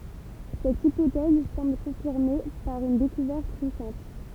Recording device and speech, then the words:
temple vibration pickup, read sentence
Cette hypothèse semble confirmée par une découverte récente.

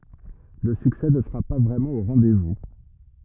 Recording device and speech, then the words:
rigid in-ear microphone, read sentence
Le succès ne sera pas vraiment au rendez-vous.

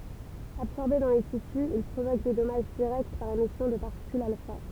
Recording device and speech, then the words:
temple vibration pickup, read sentence
Absorbé dans les tissus, il provoque des dommages directs par émission de particules alpha.

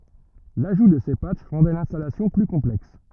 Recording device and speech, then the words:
rigid in-ear microphone, read sentence
L'ajout de ces patchs rendaient l'installation plus complexe.

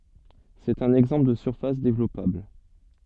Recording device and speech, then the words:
soft in-ear microphone, read sentence
C'est un exemple de surface développable.

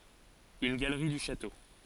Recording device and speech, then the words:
forehead accelerometer, read sentence
Une galerie du château.

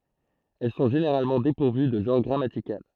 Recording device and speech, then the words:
throat microphone, read sentence
Elles sont généralement dépourvues de genre grammatical.

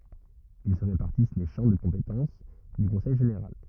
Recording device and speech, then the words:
rigid in-ear microphone, read sentence
Ils se répartissent les champs de compétences du conseil général.

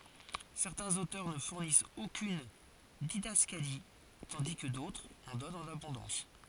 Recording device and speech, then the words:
forehead accelerometer, read sentence
Certains auteurs ne fournissent aucune didascalie, tandis que d'autres en donnent en abondance.

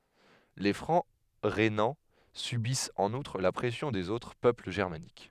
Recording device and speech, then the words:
headset microphone, read sentence
Les Francs rhénans subissent en outre la pression des autres peuples germaniques.

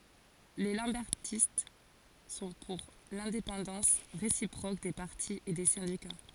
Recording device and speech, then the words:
forehead accelerometer, read sentence
Les lambertistes sont pour l'indépendance réciproque des partis et des syndicats.

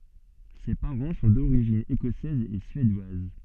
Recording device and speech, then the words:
soft in-ear microphone, read sentence
Ses parents sont d'origine écossaise et suédoise.

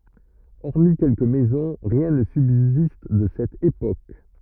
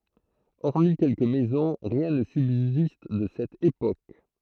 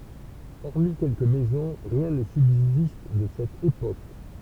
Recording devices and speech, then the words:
rigid in-ear microphone, throat microphone, temple vibration pickup, read sentence
Hormis quelques maisons, rien ne subsiste de cette époque.

